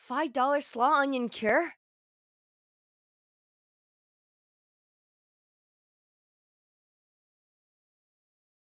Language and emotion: English, surprised